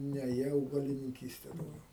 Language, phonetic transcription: Lithuanian, ˈne jie augalininˈkyste dauˈgiau

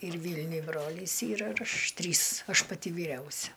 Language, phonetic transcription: Lithuanian, ir ˈvylniuj ˈbrolis ˈyra ir ˈaš ˈtrys ˈaš paˈti vyˈriausia

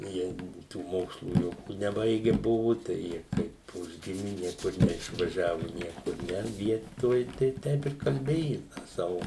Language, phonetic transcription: Lithuanian, ˈjie tų ˈmokslų ˈjokių neˈbaige ˈbuvu ˈtai ˈjie kaip ˈužgimi ˈniekur neišvaˈžiavu ˈniekur ˈne ˈvietoj tai ˈteip ir kalˈbėju ˈtą ˈsavu

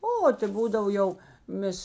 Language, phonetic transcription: Lithuanian, ˈo ta ˈbūdav ˈjau ˈmės

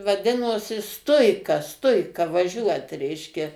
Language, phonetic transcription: Lithuanian, vaˈdinosi ˈstuika ˈstuika vaˈžiuot ˈreiškia

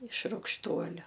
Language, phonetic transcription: Lithuanian, iš rugšˈtuoliu

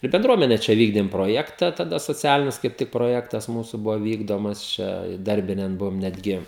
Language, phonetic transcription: Lithuanian, ir benˈdruomene ˈčia ˈvykdėm proˈjekta taˈda soˈcialinis kaip ˈtik proˈjektas ˈmūsu ˈbuvo ˈvykdomas ˈčia iˈdarbinen ˈbuvom netˈgi

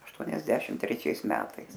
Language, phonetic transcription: Lithuanian, ašˈtuoniasešim treˈčiais ˈmetais

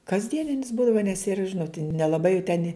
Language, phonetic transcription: Lithuanian, kasˈdieninis ˈbūdava nes ir ˈžinot nelaˈbai jau ten

